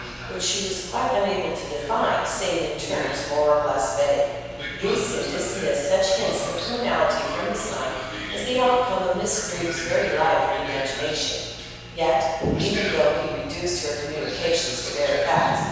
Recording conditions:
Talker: one person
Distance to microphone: 7.1 m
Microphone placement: far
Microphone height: 1.7 m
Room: very reverberant, large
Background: television

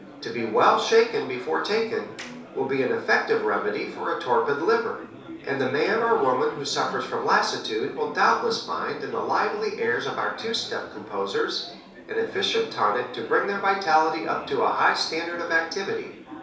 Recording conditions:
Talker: one person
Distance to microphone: 3.0 m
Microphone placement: far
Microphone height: 1.8 m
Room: small (3.7 m by 2.7 m)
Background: babble

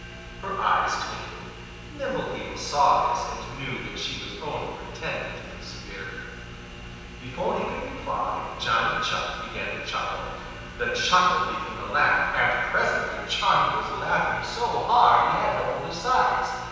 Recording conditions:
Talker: one person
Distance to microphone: 7.1 m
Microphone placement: far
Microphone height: 1.7 m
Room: very reverberant, large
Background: television

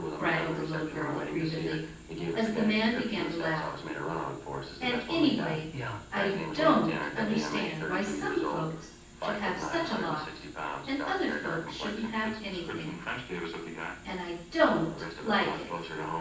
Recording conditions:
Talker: one person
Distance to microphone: 9.8 m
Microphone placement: far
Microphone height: 1.8 m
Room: large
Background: television

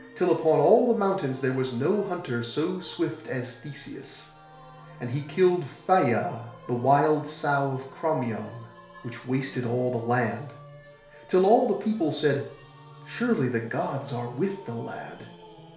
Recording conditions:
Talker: one person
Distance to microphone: 1.0 m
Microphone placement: close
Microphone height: 1.1 m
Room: small (3.7 m by 2.7 m)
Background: music

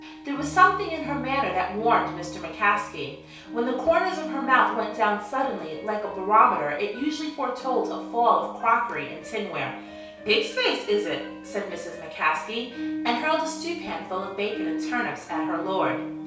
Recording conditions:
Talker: one person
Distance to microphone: 3.0 m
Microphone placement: far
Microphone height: 1.8 m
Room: small (3.7 m by 2.7 m)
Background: music

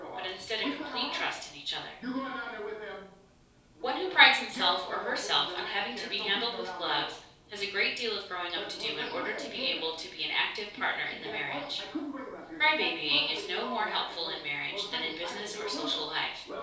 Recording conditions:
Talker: one person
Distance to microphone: 3.0 m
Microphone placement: far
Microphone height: 1.8 m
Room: small (3.7 m by 2.7 m)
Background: television

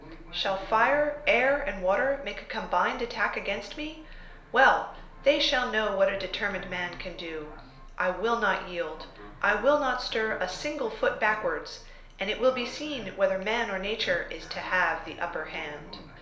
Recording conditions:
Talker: one person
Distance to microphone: 1.0 m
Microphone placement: close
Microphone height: 1.1 m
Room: small (3.7 m by 2.7 m)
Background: television

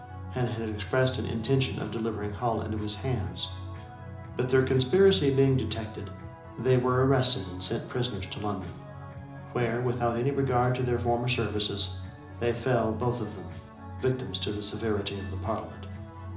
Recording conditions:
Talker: one person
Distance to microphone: 2.0 m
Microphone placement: close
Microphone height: 99 cm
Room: medium-sized (5.7 m by 4.0 m)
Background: music

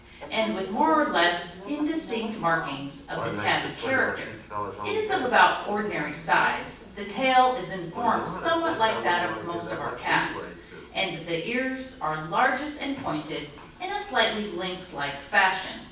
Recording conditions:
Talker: one person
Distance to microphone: 9.8 m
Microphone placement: far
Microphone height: 1.8 m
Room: large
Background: television

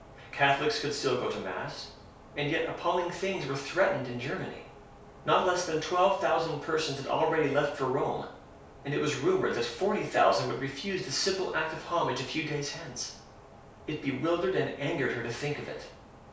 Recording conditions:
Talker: one person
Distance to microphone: 3.0 m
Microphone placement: far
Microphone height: 1.8 m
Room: small (3.7 m by 2.7 m)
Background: none

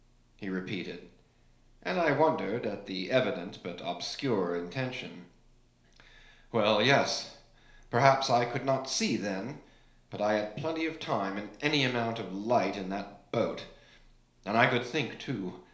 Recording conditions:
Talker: one person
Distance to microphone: 1.0 m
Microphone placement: close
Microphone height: 1.1 m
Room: small (3.7 m by 2.7 m)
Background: none

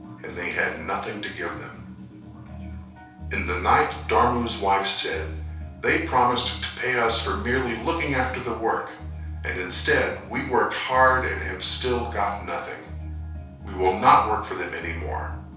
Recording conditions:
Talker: one person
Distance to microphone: 3.0 m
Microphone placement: far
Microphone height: 1.8 m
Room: small (3.7 m by 2.7 m)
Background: music

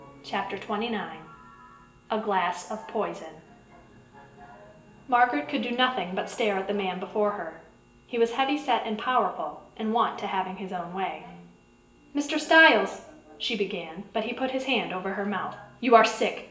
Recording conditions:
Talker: one person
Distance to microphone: 1.8 m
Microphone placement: close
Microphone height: 1.0 m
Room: large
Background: television

